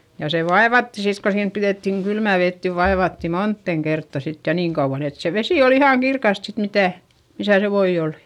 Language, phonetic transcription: Finnish, ja se vaevatti sit ko siim piδèttiŋ kylmä̀ vet niv vaevatti monttèŋ kertta sit ja niiŋ kauᵛan ‿et se vesi ol ‿ihàŋ kirkast sit mitä̀ , misä se voi olI .
- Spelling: ja se vaivattiin sitten kun siinä pidettiin kylmää vettä niin vaivattiin moneen kertaan sitten ja niin kauan että se vesi oli ihan kirkasta sitten mitä missä se voi oli

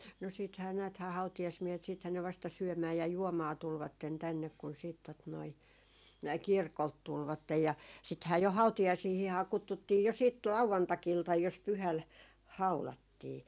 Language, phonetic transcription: Finnish, no 'siithää 'nääthää 'hautijasmiehet siithän ne vasta "syömää ja "juomaa 'tulvatten 'tännek kun siit tot noi , "kirkolt 'tulvattej ja , sithää jo 'hautijaisiihihaa 'kuttuttii jo siit "lauvantakiltaj jos 'pyhäl , "haulattii .
- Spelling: no sittenhän näethän hautajaismiehet sittenhän ne vasta syömään ja juomaan tulivat tänne kun sitten tuota noin kirkolta tulivat ja sittenhän jo hautajaisiinhan kutsuttiin jo sitten lauantai-iltana jos pyhällä haudattiin

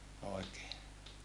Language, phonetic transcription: Finnish, oekee .
- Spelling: oikein

